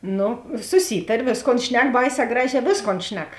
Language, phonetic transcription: Lithuanian, ˈnu suˈsytarė ˈvėsˌkon ˈšnek ˈbaiˌsē ˈgraˌžē ˈvėsˌkon ˈšnek

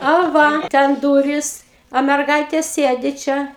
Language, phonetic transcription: Lithuanian, a ˈva ˈten ˈdūris o merˈgaitė ˈsėdi ˈčia

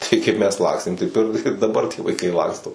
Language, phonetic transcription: Lithuanian, ˈtai kaip ˈmes ˈlakstėm taip ir ir daˈbar tie vaiˈkai ˈlaksto

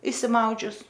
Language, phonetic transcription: Lithuanian, išsiˈmaudžius

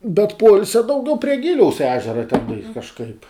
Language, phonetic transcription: Lithuanian, bet ˈpoilsia dauˈgiau prie ˈgiliaus ˈežera ten kažˈkaip

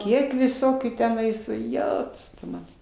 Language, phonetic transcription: Lithuanian, ˈkiek viˈsokių teˈnais ˈjetus tu ˈmana

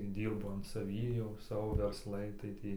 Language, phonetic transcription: Lithuanian, ˈdyrbu an saˈvį jau ˈsavo versˈlai tai ˈtį

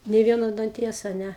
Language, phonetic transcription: Lithuanian, nei ˈvieno danˈties a ˈne

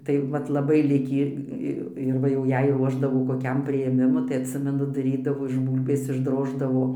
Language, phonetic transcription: Lithuanian, tai ˈvat laˈbai ˈlikį ˈi ir ˈva jau ˈjei ˈruošdavo koˈkiam prijėˈmimu tai atˈsimenu daˈrydavo iš ˈbūlbės išˈdroždavo

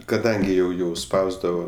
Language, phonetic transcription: Lithuanian, kaˈdangi jau jau ˈspausdavo

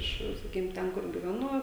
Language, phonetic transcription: Lithuanian, ˈiš saˈkykim ˈten ˈkur giveˈnu

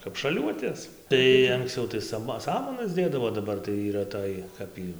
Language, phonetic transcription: Lithuanian, kap šaˈliuotės tai ankˈsciau tai ˈsama ˈsamanas ˈdėdavo daˈbar tai yˈra ˈtoj ˈkap y

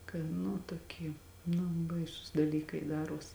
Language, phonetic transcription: Lithuanian, kai ˈnu toˈkie ˈnu ˈbaisūs daˈlykai ˈdaruos

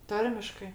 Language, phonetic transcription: Lithuanian, ˈtarmiškɜ

